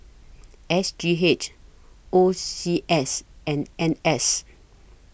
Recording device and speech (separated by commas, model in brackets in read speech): boundary microphone (BM630), read sentence